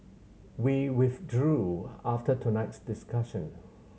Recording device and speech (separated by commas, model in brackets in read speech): mobile phone (Samsung C7100), read sentence